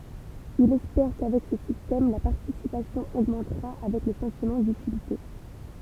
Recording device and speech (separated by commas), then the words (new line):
temple vibration pickup, read sentence
Ils espèrent qu'avec ce système, la participation augmentera avec le sentiment d'utilité.